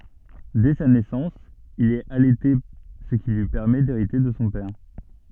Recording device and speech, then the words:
soft in-ear microphone, read sentence
Dès sa naissance, il est allaité ce qui lui permet d'hériter de son père.

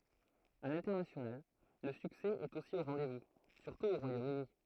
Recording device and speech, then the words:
throat microphone, read sentence
À l'international, le succès est aussi au rendez-vous, surtout au Royaume-Uni.

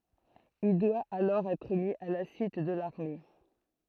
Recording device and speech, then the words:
throat microphone, read sentence
Il doit alors être mis à la suite de l'armée.

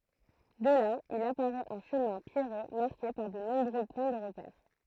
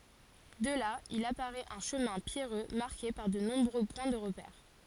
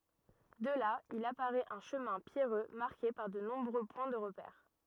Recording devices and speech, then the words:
throat microphone, forehead accelerometer, rigid in-ear microphone, read sentence
De là, il apparaît un chemin pierreux marqué par de nombreux points de repère.

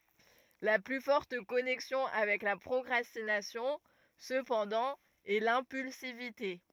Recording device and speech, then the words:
rigid in-ear microphone, read sentence
La plus forte connexion avec la procrastination, cependant, est l'impulsivité.

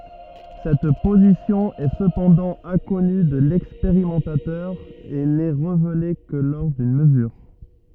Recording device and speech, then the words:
rigid in-ear microphone, read sentence
Cette position est cependant inconnue de l'expérimentateur et n'est révélée que lors d'une mesure.

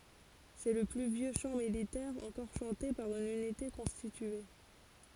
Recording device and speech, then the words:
forehead accelerometer, read sentence
C'est le plus vieux chant militaire encore chanté par une unité constitué.

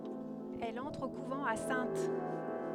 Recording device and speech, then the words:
headset microphone, read sentence
Elle entre au couvent à Saintes.

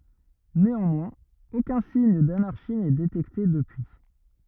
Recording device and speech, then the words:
rigid in-ear microphone, read sentence
Néanmoins aucun signe d'anarchie n'est détecté depuis.

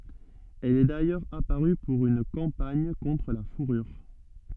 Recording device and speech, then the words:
soft in-ear microphone, read sentence
Elle est d'ailleurs apparue pour une campagne contre la fourrure.

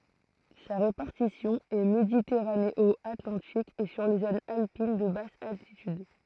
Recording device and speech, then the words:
throat microphone, read sentence
Sa répartition est méditerranéo-atlantique et sur les zones alpines de basse altitude.

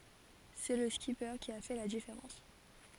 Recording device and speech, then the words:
forehead accelerometer, read sentence
C'est le skipper qui a fait la différence.

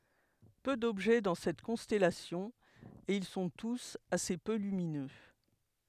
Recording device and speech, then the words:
headset microphone, read sentence
Peu d'objets dans cette constellation, et ils sont tous assez peu lumineux.

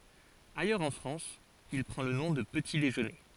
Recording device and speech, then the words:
forehead accelerometer, read sentence
Ailleurs en France, il prend le nom de petit déjeuner.

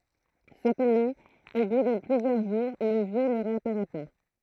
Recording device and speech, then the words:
throat microphone, read sentence
Cependant, au bout de plusieurs jours, le Vieux ne réapparaît pas.

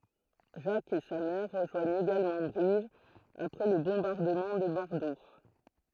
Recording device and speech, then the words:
throat microphone, read sentence
Jack et sa mère rejoignent également Brive après le bombardement de Bordeaux.

